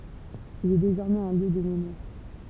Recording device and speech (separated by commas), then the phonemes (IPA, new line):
temple vibration pickup, read sentence
il ɛ dezɔʁmɛz œ̃ ljø də memwaʁ